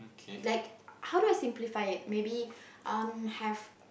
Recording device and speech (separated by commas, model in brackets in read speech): boundary microphone, conversation in the same room